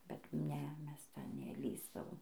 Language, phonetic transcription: Lithuanian, bet ˈne ˈmes ˈten neˈlįsdavom

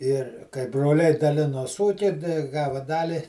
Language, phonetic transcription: Lithuanian, ir kai broˈliai daˈlinos ˈūkį dai ˈgava ˈdali

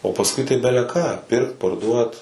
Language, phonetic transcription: Lithuanian, o pasˈkui tai beleˈką ˈpirkt parˈduot

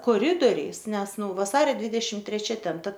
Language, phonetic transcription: Lithuanian, koˈridoriais ˈnes ˈnu vaˈsario ˈdvydešim treˈčia ˈten ˈta

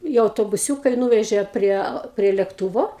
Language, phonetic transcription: Lithuanian, i autobuˈsiūka i ˈnūvežė ˈprie prie lėkˈtūvo

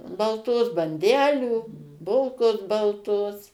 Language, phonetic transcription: Lithuanian, balˈtos banˈdelių ˈbulkos balˈtos

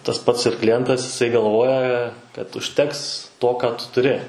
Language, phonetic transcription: Lithuanian, tas ˈpats ir kliˈjentas iˈsai galˈvoja kad užˈteks ˈto ˈką ˈtu tuˈri

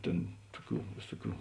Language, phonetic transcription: Lithuanian, ˈtėn ˈtuˌkių ˈvėsuˌkių

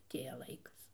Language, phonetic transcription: Lithuanian, aˈtėja ˈlaikas

